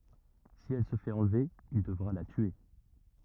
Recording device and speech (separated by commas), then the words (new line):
rigid in-ear microphone, read sentence
Si elle se fait enlever, il devra la tuer.